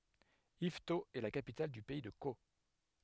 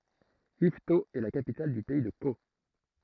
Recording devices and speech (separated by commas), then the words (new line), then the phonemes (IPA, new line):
headset microphone, throat microphone, read sentence
Yvetot est la capitale du pays de Caux.
ivto ɛ la kapital dy pɛi də ko